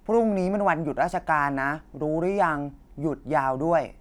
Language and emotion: Thai, neutral